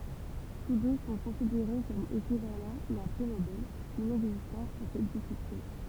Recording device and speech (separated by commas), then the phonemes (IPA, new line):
temple vibration pickup, read sentence
tus dø sɔ̃ kɔ̃sideʁe kɔm ekivalɑ̃ dœ̃ pʁi nobɛl inɛɡzistɑ̃ puʁ sɛt disiplin